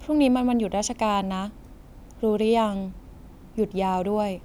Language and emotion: Thai, neutral